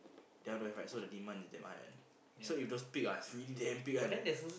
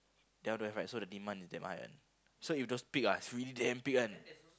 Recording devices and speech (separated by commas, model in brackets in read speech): boundary microphone, close-talking microphone, conversation in the same room